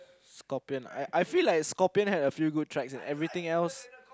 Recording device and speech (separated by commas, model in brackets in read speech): close-talking microphone, conversation in the same room